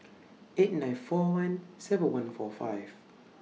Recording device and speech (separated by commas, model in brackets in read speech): mobile phone (iPhone 6), read sentence